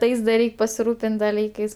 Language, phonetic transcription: Lithuanian, ˈtais da ˈreik' pasiˈrūpin't' daˈlykais

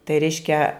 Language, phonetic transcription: Lithuanian, tai ˈreiškia

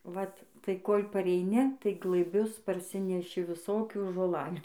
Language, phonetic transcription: Lithuanian, ˈvat tai ˈkol' pareiˈni tai glɘˈbius parˈsineši viˈsokių žoˈlalių

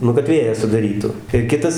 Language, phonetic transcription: Lithuanian, ˈnu kad ˈvėją sudaˈrytu ir ˈkitas

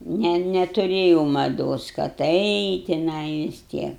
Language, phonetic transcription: Lithuanian, ˈne netuˈrėjau maˈdos kad eit' tiˈnai vis ˈtiek

